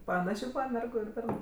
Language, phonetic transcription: Lithuanian, paˈnašė ˈmergu ir ˈbernu

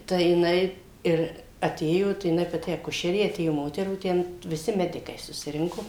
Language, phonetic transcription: Lithuanian, tai jiˈnai ˈir aˈtėjo tai jiˈnai paˈti aˈkušerė aˈtėjo ˈmoterų ˈten viˈsi ˈmedikai susiˈrinko

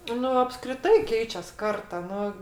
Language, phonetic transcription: Lithuanian, ˈnu apskriˈtai ˈkeičias ˈkarta ˈnu

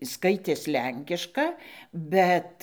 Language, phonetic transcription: Lithuanian, ˈskaitės ˈlenkiška ˈbet

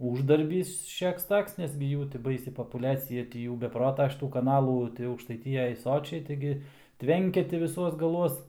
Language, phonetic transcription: Lithuanian, ˈūždarbys šiaks ˈtoks nes gi ˈjų ti ˈbaisi popuˈliacija ti ˈjų be ˈprota šiˈtų kaˈnalų tai aukštaiˈtijaj ˈsočiai ˈtaigi ˈtvenkia ti viˈsuos gaˈluos

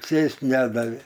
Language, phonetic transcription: Lithuanian, ˈsės't' ˈnedavė

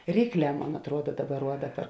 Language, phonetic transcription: Lithuanian, ˈrykˌlē ˈmon atˈruoda ˈdaˌbar ˈruoda per

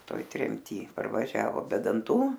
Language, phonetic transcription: Lithuanian, ˈtoj tremˈty parvaˈžiavo be danˈtų

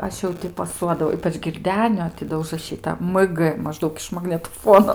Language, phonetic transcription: Lithuanian, ˈaš jau ˈti paˈsuodavau ˈypač girˈdenio ti ˈdo užraˈšyta mg maˈždaug iš magnetoˈfuono

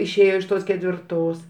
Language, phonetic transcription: Lithuanian, išˈėjo iš ˈtos ketvirˈtos

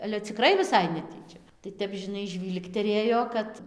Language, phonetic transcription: Lithuanian, ale ciˈkrai viˈsai neˈtyčia tai ˈtep žiˈnai ˈžvylgterėjo ˈkad

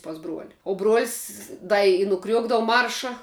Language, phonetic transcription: Lithuanian, pas ˈbruoli o bruol's' ˈda i nuˈkriuokdavu ˈmarša

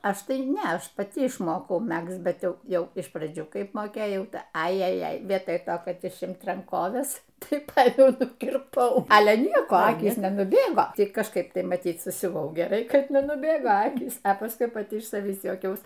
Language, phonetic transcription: Lithuanian, ˈaš ˈtai ˈne ˈaš paˈti išˈmokau ˈmægzt ˈbet ˈjau ˈjau iš praˈdžių ˈkaip moˈkėjau ˈtai ˈai ajaˈjai ˈvietoj ˈto kad išˈimt ranˈkoves ˈtai ˈpaimiau nukirˈpau ˈale ˈnieko ˈakys nenuˈbėgo ˈti kažˈkaip ˈtai maˈtyt susiuˈvau geˈrai ˈkad nenuˈbėgo ˈakys pasˈkui paˈti iš saˈvįs juoˈkiaus

